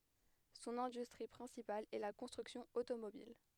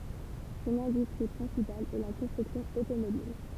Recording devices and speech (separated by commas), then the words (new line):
headset microphone, temple vibration pickup, read sentence
Son industrie principale est la construction automobile.